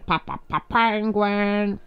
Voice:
nasally voice